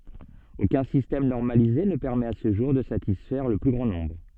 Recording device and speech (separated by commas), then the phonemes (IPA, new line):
soft in-ear microphone, read sentence
okœ̃ sistɛm nɔʁmalize nə pɛʁmɛt a sə ʒuʁ də satisfɛʁ lə ply ɡʁɑ̃ nɔ̃bʁ